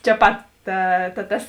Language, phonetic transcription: Lithuanian, čia ˈpat ˈta ta ˈtas

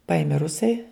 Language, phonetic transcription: Lithuanian, ˈpaimė ˈrusai

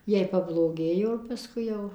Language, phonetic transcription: Lithuanian, ˈjai pabloˈgėjo ir paˈskui jau

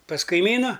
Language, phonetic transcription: Lithuanian, pas kaiˈmynu

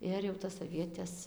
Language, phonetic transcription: Lithuanian, ˈir jau tas aˈvietes

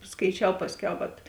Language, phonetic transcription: Lithuanian, skaiˈčiau ˈpasˌkiau vat

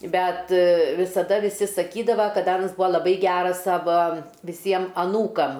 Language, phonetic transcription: Lithuanian, ˈbet visaˈda viˈsi saˈkydava kad ˈanas ˈbūa laˈbai ˈgeras ˈsava viˈsiem aˈnūkam

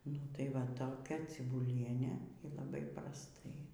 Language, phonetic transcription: Lithuanian, ˈnu tai ˈva toˈkia cibuˈlienė y laˈbai prasˈtai

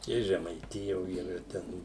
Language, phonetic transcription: Lithuanian, i žemaiˈtijo yˈra ˈten

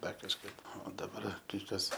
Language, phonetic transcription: Lithuanian, ˈdar kažˈkaip o daˈbar kai ˈkas

